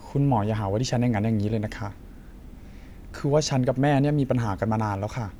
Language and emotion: Thai, frustrated